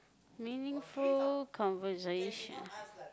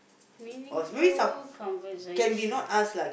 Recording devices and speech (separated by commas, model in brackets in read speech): close-talking microphone, boundary microphone, conversation in the same room